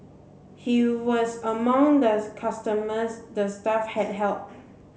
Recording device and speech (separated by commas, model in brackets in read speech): mobile phone (Samsung C7), read sentence